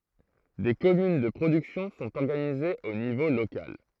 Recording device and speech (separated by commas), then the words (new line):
throat microphone, read sentence
Des communes de production sont organisées au niveau local.